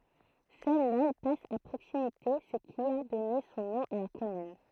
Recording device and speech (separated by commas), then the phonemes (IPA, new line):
throat microphone, read sentence
sœl lɛl pas a pʁoksimite sə ki a dɔne sɔ̃ nɔ̃ a la kɔmyn